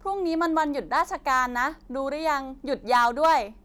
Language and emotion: Thai, happy